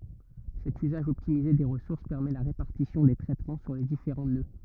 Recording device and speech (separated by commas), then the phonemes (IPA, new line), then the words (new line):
rigid in-ear microphone, read sentence
sɛt yzaʒ ɔptimize de ʁəsuʁs pɛʁmɛ la ʁepaʁtisjɔ̃ de tʁɛtmɑ̃ syʁ le difeʁɑ̃ nø
Cet usage optimisé des ressources permet la répartition des traitements sur les différents nœuds.